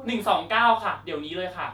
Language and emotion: Thai, frustrated